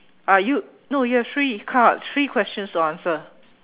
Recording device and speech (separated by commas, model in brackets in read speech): telephone, conversation in separate rooms